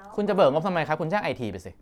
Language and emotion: Thai, frustrated